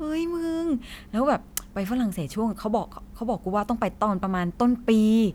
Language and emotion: Thai, happy